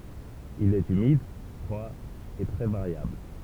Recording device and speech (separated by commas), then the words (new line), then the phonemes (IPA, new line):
temple vibration pickup, read sentence
Il est humide, froid et très variable.
il ɛt ymid fʁwa e tʁɛ vaʁjabl